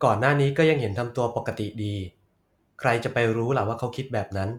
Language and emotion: Thai, neutral